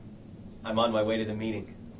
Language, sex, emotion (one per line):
English
male
neutral